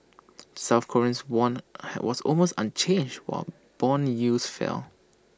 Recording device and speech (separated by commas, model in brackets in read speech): standing microphone (AKG C214), read sentence